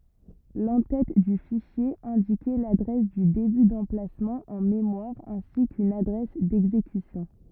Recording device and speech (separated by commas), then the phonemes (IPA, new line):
rigid in-ear microphone, read sentence
lɑ̃ tɛt dy fiʃje ɛ̃dikɛ ladʁɛs dy deby dɑ̃plasmɑ̃ ɑ̃ memwaʁ ɛ̃si kyn adʁɛs dɛɡzekysjɔ̃